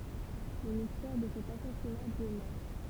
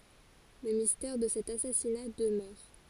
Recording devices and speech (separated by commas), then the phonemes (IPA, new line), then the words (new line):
temple vibration pickup, forehead accelerometer, read sentence
lə mistɛʁ də sɛt asasina dəmœʁ
Le mystère de cet assassinat demeure.